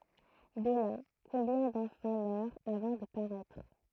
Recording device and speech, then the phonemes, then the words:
throat microphone, read sentence
də la kɔ̃bjɛ̃ dɑ̃fɑ̃ mœʁt avɑ̃ də paʁɛtʁ
De là, combien d'enfants meurent avant de paraître.

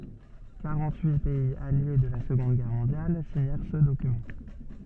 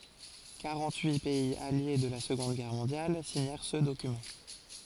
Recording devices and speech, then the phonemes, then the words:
soft in-ear microphone, forehead accelerometer, read sentence
kaʁɑ̃t yi pɛiz alje də la səɡɔ̃d ɡɛʁ mɔ̃djal siɲɛʁ sə dokymɑ̃
Quarante-huit pays alliés de la Seconde Guerre mondiale signèrent ce document.

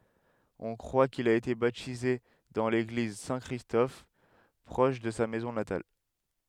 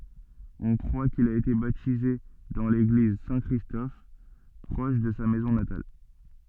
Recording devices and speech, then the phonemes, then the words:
headset microphone, soft in-ear microphone, read sentence
ɔ̃ kʁwa kil a ete batize dɑ̃ leɡliz sɛ̃ kʁistɔf pʁɔʃ də sa mɛzɔ̃ natal
On croit qu'il a été baptisé dans l'église Saint-Christophe proche de sa maison natale.

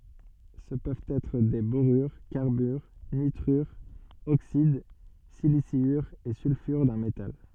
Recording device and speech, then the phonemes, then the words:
soft in-ear microphone, read sentence
sə pøvt ɛtʁ de boʁyʁ kaʁbyʁ nitʁyʁz oksid silisjyʁz e sylfyʁ dœ̃ metal
Ce peuvent être des borures, carbures, nitrures, oxydes, siliciures et sulfures d'un métal.

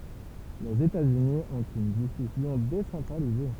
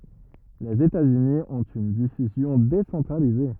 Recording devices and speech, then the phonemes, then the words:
temple vibration pickup, rigid in-ear microphone, read sentence
lez etatsyni ɔ̃t yn difyzjɔ̃ desɑ̃tʁalize
Les États-Unis ont une diffusion décentralisée.

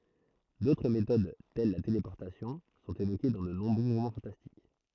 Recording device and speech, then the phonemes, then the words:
throat microphone, read sentence
dotʁ metod tɛl la telepɔʁtasjɔ̃ sɔ̃t evoke dɑ̃ də nɔ̃bʁø ʁomɑ̃ fɑ̃tastik
D'autres méthodes, telles la téléportation, sont évoquées dans de nombreux romans fantastiques.

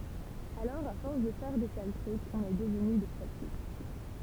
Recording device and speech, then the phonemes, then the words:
temple vibration pickup, read sentence
alɔʁ a fɔʁs də fɛʁ de sal tʁykz ɔ̃n ɛ dəvny de sal flik
Alors à force de faire des sales trucs, on est devenu des sales flics.

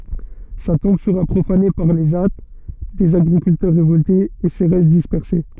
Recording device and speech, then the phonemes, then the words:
soft in-ear microphone, read sentence
sa tɔ̃b səʁa pʁofane paʁ le ʒa dez aɡʁikyltœʁ ʁevɔltez e se ʁɛst dispɛʁse
Sa tombe sera profanée par les Jâts, des agriculteurs révoltés, et ses restes dispersés.

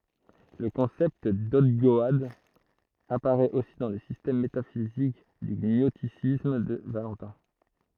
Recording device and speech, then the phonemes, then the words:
throat microphone, read sentence
lə kɔ̃sɛpt dɔɡdɔad apaʁɛt osi dɑ̃ lə sistɛm metafizik dy ɲɔstisism də valɑ̃tɛ̃
Le concept d'ogdoade apparaît aussi dans le système métaphysique du gnosticisme de Valentin.

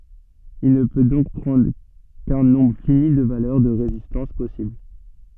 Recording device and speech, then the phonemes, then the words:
soft in-ear microphone, read sentence
il nə pø dɔ̃k pʁɑ̃dʁ kœ̃ nɔ̃bʁ fini də valœʁ də ʁezistɑ̃s pɔsibl
Il ne peut donc prendre qu'un nombre fini de valeurs de résistances possibles.

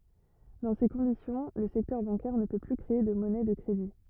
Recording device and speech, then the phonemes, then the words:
rigid in-ear microphone, read sentence
dɑ̃ se kɔ̃disjɔ̃ lə sɛktœʁ bɑ̃kɛʁ nə pø ply kʁee də mɔnɛ də kʁedi
Dans ces conditions, le secteur bancaire ne peut plus créer de monnaie de crédit.

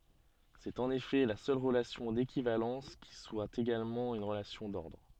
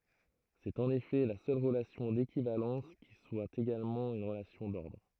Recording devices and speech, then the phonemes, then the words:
soft in-ear microphone, throat microphone, read sentence
sɛt ɑ̃n efɛ la sœl ʁəlasjɔ̃ dekivalɑ̃s ki swa eɡalmɑ̃ yn ʁəlasjɔ̃ dɔʁdʁ
C'est en effet la seule relation d'équivalence qui soit également une relation d'ordre.

